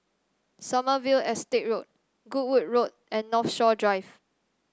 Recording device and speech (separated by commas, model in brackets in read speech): standing microphone (AKG C214), read sentence